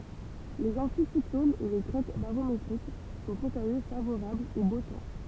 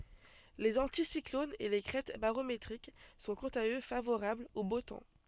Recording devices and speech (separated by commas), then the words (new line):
temple vibration pickup, soft in-ear microphone, read sentence
Les anticyclones et les crêtes barométriques sont quant à eux favorables au beau temps.